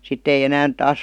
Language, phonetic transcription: Finnish, 'sitt ‿ei 'enään 'taas ,.
- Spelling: sitten ei enää taas

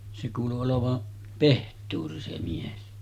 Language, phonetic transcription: Finnish, se kuulu olova , "peht̆tuuri se 'mies .
- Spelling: se kuului olevan pehtori se mies

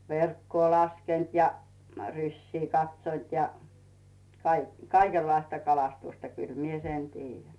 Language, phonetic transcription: Finnish, verkkoo 'laskent ja , "ryśsii 'katśont ja , kaik- , "kaikellaista 'kalastusta kyl mie "sen 'tiijjän .
- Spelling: verkkoa laskenut ja rysiä katsonut ja - kaikenlaista kalastusta kyllä minä sen tiedän

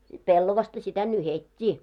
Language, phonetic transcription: Finnish, 'pellovasta sitä "nyhet́t́i .
- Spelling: pellavaa sitä nyhdettiin

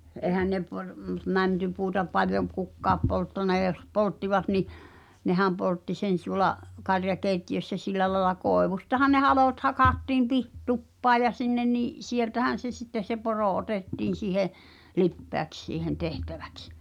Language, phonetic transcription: Finnish, '’èhän ne par- , m- , "mäntypuuta paljom̆ p- 'kukkaap polttana ʲa jos 'polttivat ni , 'nehäm poltti sen (t)uŏla’ , 'karja"keitti₍össä 'sillä laĕla 'kòevustahan ne "halòt hakattiim pih- , 'tuppaa ja 'sinnen ni’ , "sieltähän̬ se sitte se "porò "otettiin̬ siihe , "lippeäks siihen 'tehtävᴀ̈ks .
- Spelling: eihän ne - - mäntypuuta paljon - kukaan polttanut ja jos polttivat niin nehän poltti sen tuolla karjakeittiössä sillä lailla koivustahan ne halot hakattiin - tupaan ja sinne niin sieltähän se sitten se poro otettiin siihen lipeäksi siihen tehtäväksi

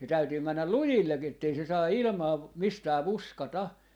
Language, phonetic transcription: Finnish, se 'täytyy "männäl "lujillek ettei se 'saa "ilⁱmaa , 'mistää 'vuska"ta .
- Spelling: se täytyy mennä lujille että ei se saa ilmaa mistään fuskata

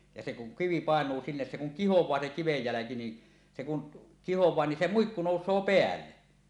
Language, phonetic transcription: Finnish, ja se kuŋ 'kivi "pàeǹuu 'sinnes se kuŋ kihoẁaa se 'kivej 'jäläki ni , 'se kun , 'kihoẁaa ni se "muikku "nòus̀oo "peälle .
- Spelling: ja se kun kivi painuu sinne se kun kihoaa se kiven jälki niin se kun kihoaa niin se muikku nousee päälle

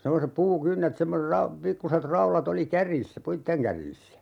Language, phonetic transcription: Finnish, 'semmosep 'puu"kynnet semmo(se-) ra- , 'pikkuset 'raula't ‿oli "kärjissä "puitteŋ kärjissä .
- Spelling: semmoiset puukynnet semmoiset - pikkuiset raudat oli kärjissä puiden kärjissä

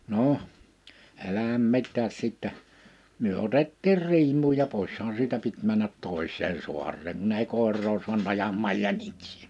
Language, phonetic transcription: Finnish, 'noh , 'elähäm 'mit̆tääs sìttä , myö 'otettiir 'riim̀uuj ja 'pòishaan siitä 'pit männät 'tòis̀een 'suar̆reeŋ kunn ‿ei 'kòer̆roo suanᵗ 'ajammaaj 'jäniksɪɪ .
- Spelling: no älähän mitään sitten me otettiin riimuun ja pois siitä piti mennä toiseen saareen kun ei koiraa saanut ajamaan jäniksiä

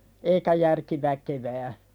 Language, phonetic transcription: Finnish, eikä järki 'väkevää .
- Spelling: eikä järki väkevään

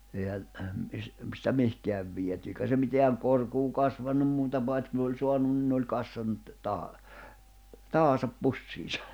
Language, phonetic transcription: Finnish, èihän̬ , sⁱtä 'mihkeäv viety eikä se miteäŋ 'korkuu 'kasvannum 'muuta pait kun ‿oĺ 'soanun nⁱn oĺ 'kassannut , 'taha , 'tahasap 'pussiisᴀ .
- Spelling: eihän sitä mihinkään viety eikä se mitään korkoa kasvanut muuta paitsi kun oli saanut niin oli kassannut tähän taaksensa pussiinsa

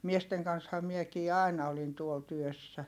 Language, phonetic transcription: Finnish, miesteŋ kansha miekii àina olin tuol työssä .
- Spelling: miesten kanssahan minäkin aina olin tuolla työssä

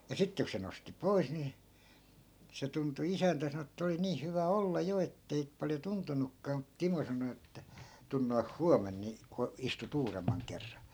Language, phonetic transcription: Finnish, ja 'sitte ku se nosti "pois ni , 'se tuntu 'isäntä sano ettᵃ̈ oli 'niih hyvä "olla 'jo ettei paljo 'tuntunukkaa mut 'timo sano että » 'tun noih "huamen ni , ko- , istu't ‿uuremmaŋ 'kerran̬ » .
- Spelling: ja sitten kun se nosti pois niin se tuntui isäntä sanoi että oli niin hyvä olla jo että ei paljon tuntunutkaan mutta Timo sanoi että tule noin huomenna niin - istut uudemman kerran

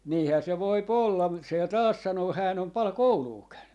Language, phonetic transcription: Finnish, » 'niihää se 'voip "ollam » mut 'sè "taas 'sanoo » 'hään ‿om 'pal "kouluu 'käynny » .
- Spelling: niinhän se voi olla mutta se taas sanoo hän on paljon koulua käynyt

